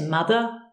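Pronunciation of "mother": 'Mother' is said without the strong American R at the end, so no R is heard.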